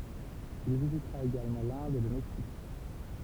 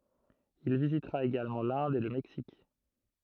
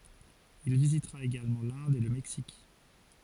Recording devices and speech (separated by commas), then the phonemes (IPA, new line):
temple vibration pickup, throat microphone, forehead accelerometer, read sentence
il vizitʁa eɡalmɑ̃ lɛ̃d e lə mɛksik